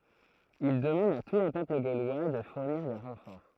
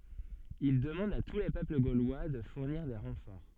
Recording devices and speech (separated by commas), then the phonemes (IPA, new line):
throat microphone, soft in-ear microphone, read sentence
il dəmɑ̃d a tu le pøpl ɡolwa də fuʁniʁ de ʁɑ̃fɔʁ